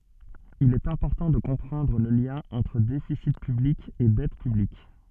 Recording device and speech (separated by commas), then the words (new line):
soft in-ear microphone, read sentence
Il est important de comprendre le lien entre déficit public et dette publique.